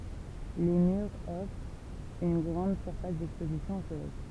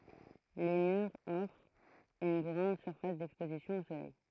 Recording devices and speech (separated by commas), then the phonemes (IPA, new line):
temple vibration pickup, throat microphone, read sentence
le myʁz ɔfʁt yn ɡʁɑ̃d syʁfas dɛkspozisjɔ̃ o solɛj